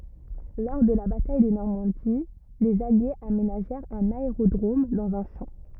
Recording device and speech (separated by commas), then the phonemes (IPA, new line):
rigid in-ear microphone, read sentence
lɔʁ də la bataj də nɔʁmɑ̃di lez aljez amenaʒɛʁt œ̃n aeʁodʁom dɑ̃z œ̃ ʃɑ̃